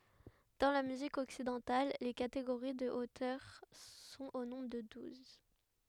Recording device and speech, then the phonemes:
headset microphone, read sentence
dɑ̃ la myzik ɔksidɑ̃tal le kateɡoʁi də otœʁ sɔ̃t o nɔ̃bʁ də duz

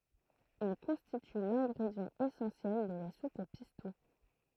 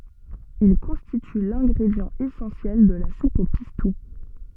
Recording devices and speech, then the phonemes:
throat microphone, soft in-ear microphone, read sentence
il kɔ̃stity lɛ̃ɡʁedjɑ̃ esɑ̃sjɛl də la sup o pistu

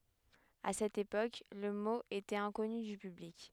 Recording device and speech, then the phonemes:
headset microphone, read sentence
a sɛt epok lə mo etɛt ɛ̃kɔny dy pyblik

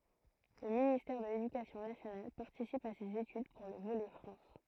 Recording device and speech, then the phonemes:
throat microphone, read sentence
lə ministɛʁ də ledykasjɔ̃ nasjonal paʁtisip a sez etyd puʁ lə volɛ fʁɑ̃s

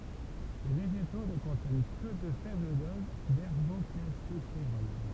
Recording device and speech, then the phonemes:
temple vibration pickup, read sentence
le veʒeto nə kɔ̃tjɛn kə də fɛbl doz dɛʁɡokalsifeʁɔl

